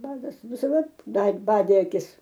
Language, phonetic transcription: Lithuanian, ˈvargas visaˈda ˈbad ˈbadė aˈkis

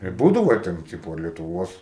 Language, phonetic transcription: Lithuanian, ir ˈbūdavo ˈten ˈtipo lietuˈvuos

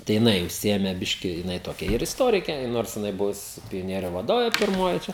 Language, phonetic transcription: Lithuanian, tai jiˈnai užˈsiėme ˈbiški jiˈnai ˈtokia ir isˈtorikė ˈnors jiˈnai ˈbuvus pioˈnieriu vaˈdovė pirˈmoji čia

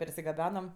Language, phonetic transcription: Lithuanian, persigaˈbenam

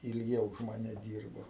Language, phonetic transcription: Lithuanian, ilˈgiau už maˈne ˈdyrbo

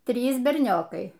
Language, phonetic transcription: Lithuanian, ˈtrys berˈniokai

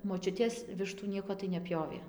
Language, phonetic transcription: Lithuanian, moˈčiutės ˈvištų ˈnieko tai neˈpjovė

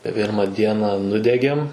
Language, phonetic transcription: Lithuanian, ˈpirma ˈdiena ˈnudegėm

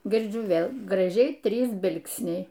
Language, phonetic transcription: Lithuanian, girˈdžiu ˈvėl graˈžiai ˈtrys ˈbilksniai

